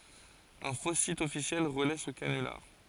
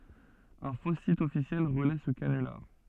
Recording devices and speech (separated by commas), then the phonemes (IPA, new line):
forehead accelerometer, soft in-ear microphone, read sentence
œ̃ fo sit ɔfisjɛl ʁəlɛ sə kanylaʁ